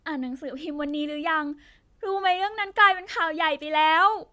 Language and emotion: Thai, sad